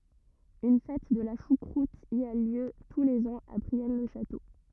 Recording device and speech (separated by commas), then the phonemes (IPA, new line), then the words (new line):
rigid in-ear microphone, read sentence
yn fɛt də la ʃukʁut i a ljø tu lez ɑ̃z a bʁiɛn lə ʃato
Une fête de la choucroute y a lieu tous les ans à Brienne-le-Château.